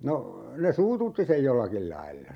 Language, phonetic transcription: Finnish, 'no , 'ne "suututti sej "jollakil 'lailla .
- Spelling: no ne suututti sen jollakin lailla

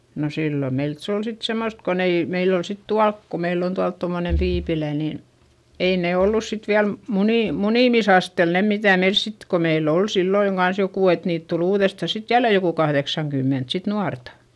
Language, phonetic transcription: Finnish, no sillo meilt - se ol sit semmost kon ‿ei , meil ‿ol sit tualk ko meill ‿on tualt tommone tiipilä ni , ei nè ollus sit viäl , munì- , munìmisastel ne mitä̀ meils sit - ko meill ‿ol silloiŋ Gans jokù et niit tul ‿uuδestà sit jälle jokù kahδeksaŋkymment sit nuarta .
- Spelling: no silloin meiltä se oli sitten semmoista kun ei meillä oli sitten tuolla kun meillä on tuolla tuommoinen tiipilä niin ei ne ollut sitten vielä - munimisasteella ne mitä meillä sitten kun meillä oli silloin kanssa joku että niitä tuli uudestaan sitten jälleen joku kahdeksankymmentä sitten nuorta

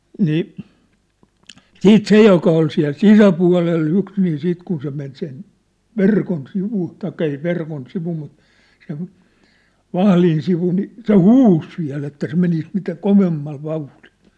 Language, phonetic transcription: Finnish, 'nii , "siit "se joka ol siä̭l "sisäpua̭lel'l ‿yks nii siit kun se men sen , 'verkon sivu , taikka ei sĕ 'verkon 'sivu mut , sen , "vahlin sivu ni , se "huus viä̭l ‿että se 'menis mitä "kovemmal "vauhʟɪʟ .
- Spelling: niin sitten se joka oli siellä sisäpuolella yksi niin sitten kun se meni sen verkon sivu tai ei se verkon sivu mutta sen vahdin sivu niin se huusi vielä että se menisi mitä kovemmalla vauhdilla

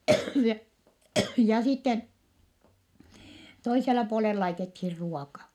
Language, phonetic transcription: Finnish, ja , ja sitten , toisella puolel laitethir ruoka .
- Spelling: ja ja sitten toisella puolen laitettiin ruoka

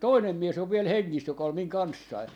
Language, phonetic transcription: Finnish, "toinem 'mies ‿ov viel "heŋŋis joka ol 'miŋ 'kanssai .
- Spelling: toinen mies on vielä hengissä joka oli minun kanssani

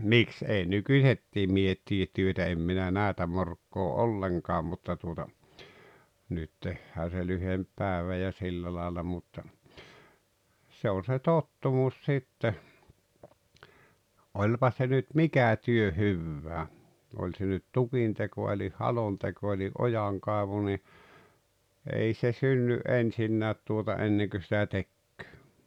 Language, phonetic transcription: Finnish, 'miks ei "nukuⁱhet́t́ii 'miehet tiet 'työtä em minä 'nä̀etä 'morkkoo’ "’olleŋkaam mutta tuota , 'nyt tehhää se 'lyhemp "päᵉvä ja 'sillä làela mutta , 'se on̬ se "tottumus 'sitte , 'oĺpa se nyt "mikä 'työ "hyvvää , oĺ se nyt "tukinteko elih "halonteko eli’ "’ojaŋkàevu ni , 'ei se 'synny’ '’ensinnäät tuota 'enneŋkö sitä "tekkᴏ̈ᴏ̈ .
- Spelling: miksi ei nykyisetkin miehet tee työtä en minä näitä morkkaa ollenkaan mutta tuota nyt tehdään se lyhempi päivä ja sillä lailla mutta se on se tottumus sitten olipa se nyt mikä työ hyvänsä oli se nyt tukinteko eli halonteko eli ojankaivu niin ei se synny ensinkään tuota ennen kuin sitä tekee

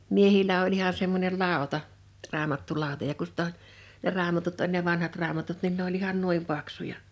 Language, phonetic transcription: Finnish, 'miehil̀ä oĺ iha semmońel "làota , 'raamattulàota ja ku sⁱt ‿o , ne 'raamatut oĺ ne 'vanhat 'raamatut nin ne ‿oĺ ihan "nuim 'paksuja .
- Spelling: miehillä oli ihan semmoinen lauta raamattulauta ja kun sitten on ne raamatut oli ne vanhat raamatut niin ne oli ihan noin paksuja

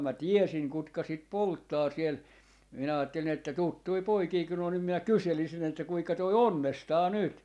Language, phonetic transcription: Finnish, mä "tiɛsiŋ 'kutka sit "polttaa siel , minä aattelin ‿että "tuttui "poikii kun n ‿oo nim minä "kyselisin että » 'kuika 'toi "onnestaa 'nyt » .
- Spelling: minä tiesin ketkä sitä polttaa siellä minä ajattelin että tuttuja poikia kun ne on niin minä kyselisin että kuinka toi onnestaa nyt

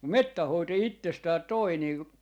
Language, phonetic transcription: Finnish, "mettäh 'hoito jo 'ittestäät "toi 'nii ,.
- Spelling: metsän hoito jo itsestään toi niin

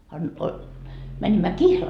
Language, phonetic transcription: Finnish, a nii o- , mänimmä "kihlal .
- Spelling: a niin - menimme kihlalle

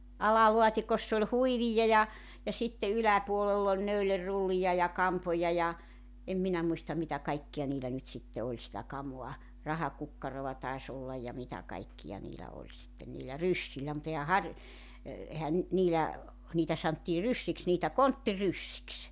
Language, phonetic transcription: Finnish, "alaluat́ikoss ‿oĺ "huivija ja , ja sitte 'yläpuolell ‿oĺ 'näylerrullija ja 'kampoja ja , 'em minä muistam̆ 'mitä 'kaikkiʲa 'niilä nyt sitte 'oĺ sitä 'kamua , 'rahakukkaroʷa 'tais 'ollaj ja 'mitä 'kaikkija 'niilä oĺ sitten niilä "ryssillä mu't ‿ehä 'har- , e- , 'ehän nʸt 'niilä , 'niitä santtii "ryssiks niitä "kontti'ryssiks .
- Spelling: alalaatikossa oli huiveja ja ja sitten yläpuolella oli neulerullia ja kampoja ja en minä muista mitä kaikkia niillä nyt sitten oli sitä kamaa rahakukkaroa taisi olla ja mitä kaikkia niillä oli sitten niillä ryssillä mutta eihän - - eihän nyt niillä niitä sanottiin ryssiksi niitä konttiryssiksi

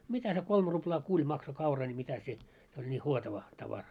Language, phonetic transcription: Finnish, mitä se 'kolm 'ruplaa "kuĺ makso 'kaura ńi 'mitä se , 'se oĺ ńi "huotava , 'tavara .
- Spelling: mitä se kolme ruplaa kun maksoi kaura niin mitä se se oli niin huotava tavara

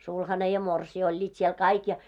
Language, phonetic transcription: Finnish, 'sulhane ja 'morsii oĺĺiit siel 'kaik ja .
- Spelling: sulhanen ja morsian olivat siellä kaikki ja

